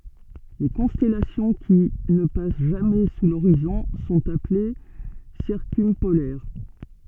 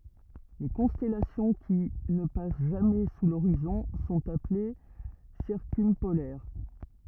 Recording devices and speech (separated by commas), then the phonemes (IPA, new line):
soft in-ear microphone, rigid in-ear microphone, read sentence
le kɔ̃stɛlasjɔ̃ ki nə pas ʒamɛ su loʁizɔ̃ sɔ̃t aple siʁkœ̃polɛʁ